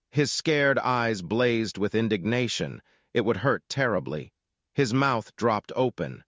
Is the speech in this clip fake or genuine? fake